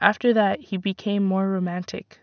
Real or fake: real